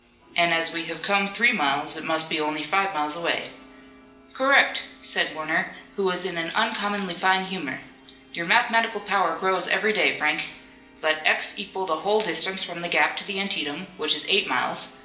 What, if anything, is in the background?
A television.